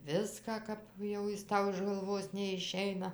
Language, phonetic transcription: Lithuanian, ˈviską ˈkap jau ˈjis ˈtau iš galˈvos neiˈšeina

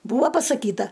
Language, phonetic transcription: Lithuanian, ˈbūva pasaˈkyta

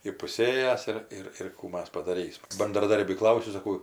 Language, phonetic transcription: Lithuanian, ipuˈsėjęs ir ˈir ir ˈkų ˈmas padaˈrysma bandraˈdarbį ˈklausiu saˈkau

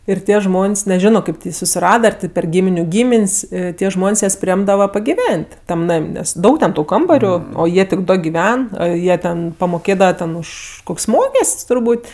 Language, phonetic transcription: Lithuanian, ir ˈtie ˈžmon's' neˈžiono ˈkaip ti ˈjį susiˈrada ar ˈtė per ˈgyminiu ˈgymin's' ˈtie ˈžmon's' ˈjas priˈėmdava pagiˈven't' ˈtam ˈnam' ˈnes ˈdaug ten ˈtų ˈkambariu o ˈjie tik ˈdo giˈven ˈjie ten pamoˈkėdava ten ˈuš ˈkuk's' ˈmokest's' turˈbūt'

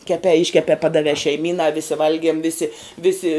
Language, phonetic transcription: Lithuanian, keˈpē ˈiškepē ˈpadavē šeiˈmynā visi ˈvalgiem ˈvisi ˈvisi

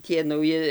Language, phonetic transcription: Lithuanian, ˈtie nauˈji

